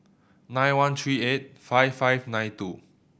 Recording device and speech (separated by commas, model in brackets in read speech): boundary microphone (BM630), read sentence